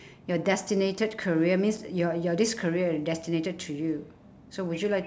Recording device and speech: standing microphone, conversation in separate rooms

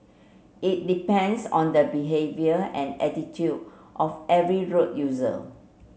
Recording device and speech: mobile phone (Samsung C7), read sentence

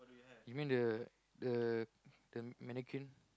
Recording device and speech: close-talking microphone, conversation in the same room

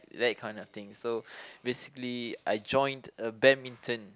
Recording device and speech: close-talking microphone, conversation in the same room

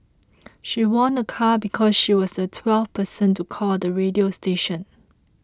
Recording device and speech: close-talking microphone (WH20), read sentence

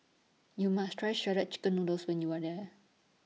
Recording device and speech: mobile phone (iPhone 6), read sentence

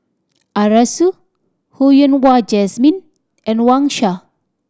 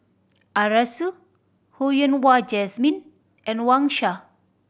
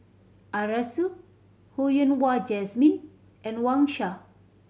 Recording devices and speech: standing microphone (AKG C214), boundary microphone (BM630), mobile phone (Samsung C7100), read sentence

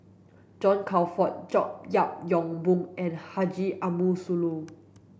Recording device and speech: boundary microphone (BM630), read sentence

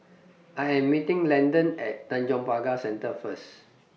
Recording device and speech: mobile phone (iPhone 6), read sentence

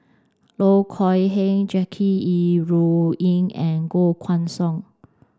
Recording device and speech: standing microphone (AKG C214), read sentence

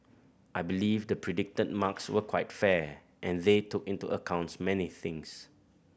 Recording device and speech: boundary microphone (BM630), read sentence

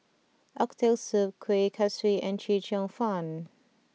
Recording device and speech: mobile phone (iPhone 6), read sentence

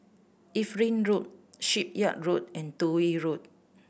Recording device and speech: boundary microphone (BM630), read sentence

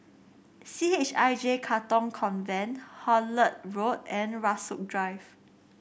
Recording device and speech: boundary microphone (BM630), read sentence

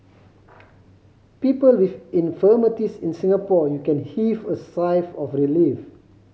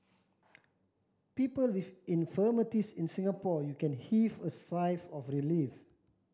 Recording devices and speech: mobile phone (Samsung C5010), standing microphone (AKG C214), read sentence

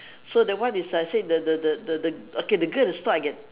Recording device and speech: telephone, conversation in separate rooms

